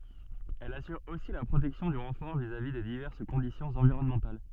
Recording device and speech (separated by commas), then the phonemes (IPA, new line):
soft in-ear microphone, read sentence
ɛl asyʁ osi la pʁotɛksjɔ̃ dy ʁɑ̃fɔʁ vizavi de divɛʁs kɔ̃disjɔ̃z ɑ̃viʁɔnmɑ̃tal